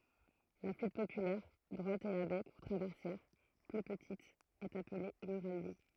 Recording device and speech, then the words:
throat microphone, read sentence
La flûte populaire, droite et à bec ou traversière, plus petite, est appelée murali.

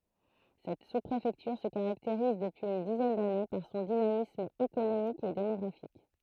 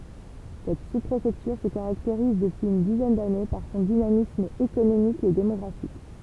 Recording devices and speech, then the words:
throat microphone, temple vibration pickup, read sentence
Cette sous-préfecture se caractérise, depuis une dizaine d'années, par son dynamisme économique et démographique.

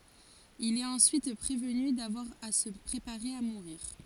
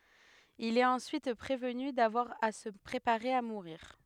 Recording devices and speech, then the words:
forehead accelerometer, headset microphone, read sentence
Il est ensuite prévenu d’avoir à se préparer à mourir.

